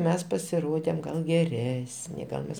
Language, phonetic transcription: Lithuanian, ˈmes pasiˈrodėm ˈgal geˈresni ˈgal mes

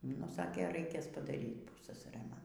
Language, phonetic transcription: Lithuanian, nu ˈsakė ˈraikės padaˈryt ˈpussasarɘ ˈman

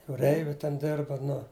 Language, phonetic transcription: Lithuanian, jūˈreiviu ten ˈdirba ˈnu

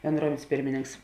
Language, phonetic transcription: Lithuanian, benˈdruomen's' ˈpirmininks

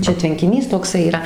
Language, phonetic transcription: Lithuanian, ˈčia tvenkiˈnys tokˈsai yˈra

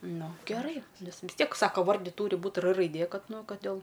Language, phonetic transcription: Lithuanian, ˈnu geˈrai ˈnes vis ˈtiek ˈsaka ˈvardi ˈtūri ˈbūt r raiˈdė ˈkad ˈnu ˈkad dėl

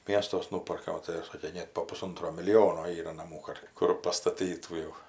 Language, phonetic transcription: Lithuanian, ˈm iestuos ˈnūparka o tai ˈsakė ˈnėt po puˈsuntro miliˈjono ˈyra naˈmų kad ˈkur pastaˈtytų jau

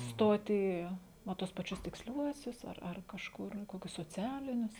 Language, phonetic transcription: Lithuanian, ˈstot į ˈna ˈtuos paˈčius tiksˈliuosius ar ar kažˈkur ˈkokius soˈcialinius

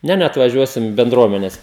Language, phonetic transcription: Lithuanian, ˈne neatvaˈžiuosim benˈdruomenes

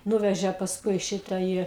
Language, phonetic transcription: Lithuanian, ˈnūveže pasˈkui ˈšita ˈį

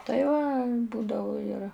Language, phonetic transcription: Lithuanian, tai ˈva ˈbūdavu ir

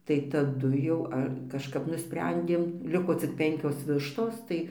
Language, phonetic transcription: Lithuanian, tai taˈdu jau ˈa kažˈkap nuˈsprendėm ˈliko cik ˈpenkios ˈvištos ˈtai

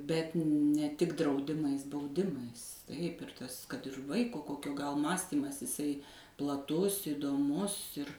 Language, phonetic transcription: Lithuanian, bet ne ˈtik drauˈdimais bauˈdimais taip ir ˈtas kad ir ˈvaiko ˈkokio gal ˈmąstymas iˈsai plaˈtus įdoˈmus ir

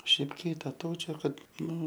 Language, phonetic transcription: Lithuanian, ˈšiaip kytaˈtaučio ˈkad ˈnu

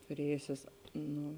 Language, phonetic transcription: Lithuanian, tuˈrėjusės ˈnu

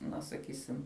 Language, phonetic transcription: Lithuanian, ˈna saˈkysim

